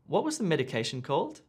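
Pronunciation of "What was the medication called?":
'What was the medication called?' is said with a slightly rising intonation, as a question asking for repetition or clarification.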